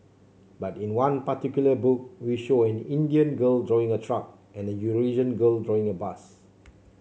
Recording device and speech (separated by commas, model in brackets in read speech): mobile phone (Samsung C7), read sentence